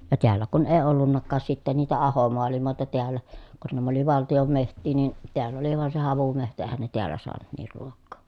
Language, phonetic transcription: Finnish, ja teällä kun èi ollunnakkaas sitten niitä ahomoalimòeta teällä , kun näm ‿oli valtijom meht̆tii nin̬ , teäll ‿oli vàen se havumehtä èhän ne teällä soanu , niir ruokkoo .
- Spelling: ja täällä kun ei ollutkaan sitten niitä ahomaailmoita täällä kun nämä oli valtion metsiä niin täällä oli vain se havumetsä eihän ne täällä saanut niin ruokaa

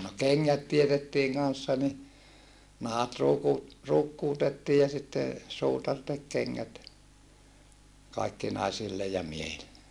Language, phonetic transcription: Finnish, no keŋŋät tietettiiŋ kanssa ni , nahat ruuku- , ruukkuutettii ja sitte , suutar tek keŋŋät , kaikki naisille ja miehille .
- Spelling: no kengät teetettiin kanssa niin nahat - ruukkuutettiin ja sitten suutari teki kengät kaikki naisille ja miehille

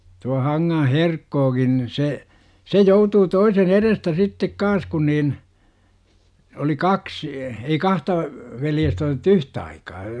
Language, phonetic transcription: Finnish, tua 'Haŋŋaa̰ "Herkkookin ni 'se , "se 'joutuu 'toisen "erestä 'sittek "kaan̬s kun niin , oli "kaksI , ei 'kahta , 'veljestä otᵉt̆tu "yh't ‿aikaa .
- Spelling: tuo Hankaan Herkkokin niin se se joutui toisen edestä sitten kanssa kun niin oli kaksi ei kahta veljestä otettu yhtä aikaa

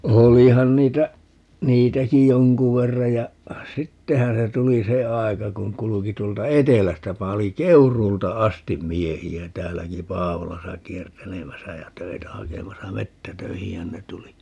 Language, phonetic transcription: Finnish, 'olihan niitä , 'niitäki "joŋku 'verra ja , "sittehää̰ se 'tuli "se 'ai̮ka kuŋ 'kuluki 'tuolta "etelästä 'pali - "Keuruulta 'astim 'miehi₍ä 'täälläki "Paavolasa 'kiertelemäsä jä "töitä 'hakemasa "mettä"töihihän ne 'tuli .
- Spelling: olihan niitä niitäkin jonkun verran ja sittenhän se tuli se aika kun kulki tuolta etelästä paljon Keuruulta asti miehiä täälläkin Paavolassa kiertelemässä ja töitä hakemassa metsätöihinhän ne tuli

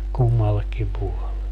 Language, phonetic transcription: Finnish, 'kummallekkim 'puole .
- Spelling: kummallekin puolen

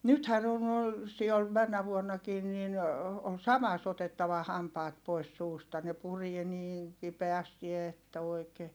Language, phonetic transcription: Finnish, nythän ‿on noil , si(ol männä vuonnakiin nin , ol samas ‿otettava hampaat pois suusta ne purie niiŋ , kipeästi että oi̮ke .
- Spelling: nythän on noilla sioilla menneenä vuonnakin niin oli samassa otettava hampaat pois suusta ne puree niin kipeästi että oikein

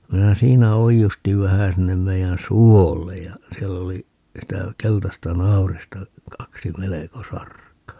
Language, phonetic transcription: Finnish, 'minä "siinä 'oijustiv 'vähä sinnem 'meijän "suollej ja , 'siɛll ‿oli , 'sitä , 'keltasta "nau̬rista , 'kaksi "meleko 'sark̀aa .
- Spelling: minä siinä oiustin vähän sinne meidän suolle ja siellä oli sitä keltaista naurista kaksi melko sarkaa

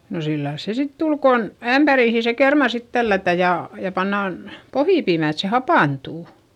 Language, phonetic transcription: Finnish, no sillails se sit tul kon , ämpärìhi se kerma sit tällätä ja , ja pannàn , pohìpiimä̀ et se hapàntù .
- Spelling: no sillä lailla se sitten tuli kun ämpäriin se kerma sitten tällätään ja ja pannaan pohjapiimää että se hapantuu

